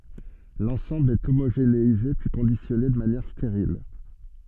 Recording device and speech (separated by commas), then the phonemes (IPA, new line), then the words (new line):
soft in-ear microphone, read sentence
lɑ̃sɑ̃bl ɛ omoʒeneize pyi kɔ̃disjɔne də manjɛʁ steʁil
L'ensemble est homogénéisé puis conditionné de manière stérile.